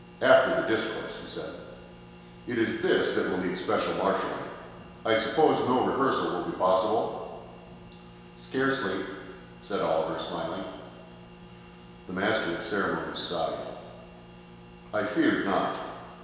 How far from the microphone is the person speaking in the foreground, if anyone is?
1.7 m.